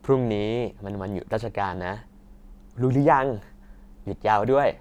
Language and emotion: Thai, happy